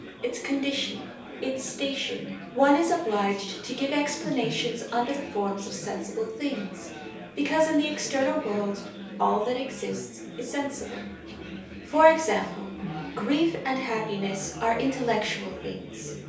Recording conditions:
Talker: one person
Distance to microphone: 3.0 m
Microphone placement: far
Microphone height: 1.8 m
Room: small (3.7 m by 2.7 m)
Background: babble

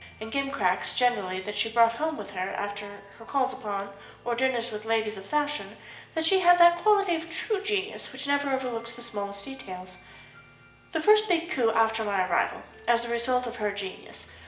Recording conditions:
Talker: one person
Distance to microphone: 1.8 m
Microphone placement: close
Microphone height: 1.0 m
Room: large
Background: music

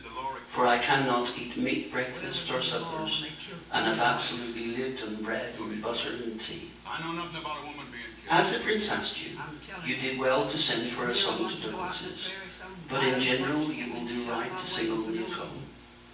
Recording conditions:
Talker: one person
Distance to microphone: 9.8 m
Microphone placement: far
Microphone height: 1.8 m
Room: large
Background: television

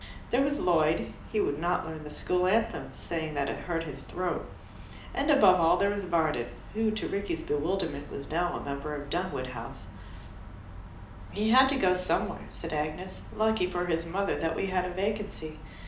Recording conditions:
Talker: one person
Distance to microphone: 2.0 m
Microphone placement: close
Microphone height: 99 cm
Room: medium-sized (5.7 m by 4.0 m)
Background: none

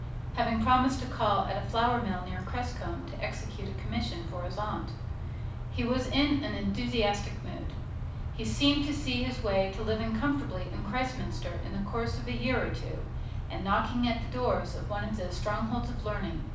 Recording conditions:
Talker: one person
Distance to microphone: 5.8 m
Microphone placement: far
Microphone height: 1.8 m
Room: medium-sized (5.7 m by 4.0 m)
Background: none

